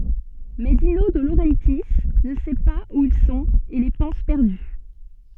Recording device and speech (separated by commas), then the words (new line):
soft in-ear microphone, read sentence
Mais Dino De Laurentiis ne sait pas où ils sont et les pense perdus.